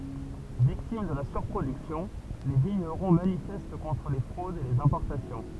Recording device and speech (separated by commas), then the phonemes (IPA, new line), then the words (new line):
temple vibration pickup, read sentence
viktim də la syʁpʁodyksjɔ̃ le viɲəʁɔ̃ manifɛst kɔ̃tʁ le fʁodz e lez ɛ̃pɔʁtasjɔ̃
Victimes de la surproduction, les vignerons manifestent contre les fraudes et les importations.